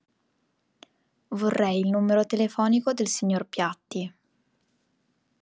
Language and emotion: Italian, neutral